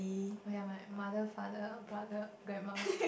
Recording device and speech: boundary microphone, conversation in the same room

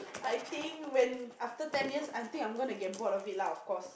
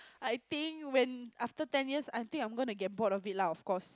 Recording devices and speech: boundary microphone, close-talking microphone, conversation in the same room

